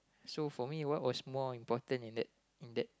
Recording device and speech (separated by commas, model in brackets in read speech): close-talking microphone, conversation in the same room